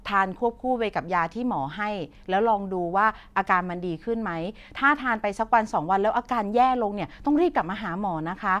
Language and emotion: Thai, neutral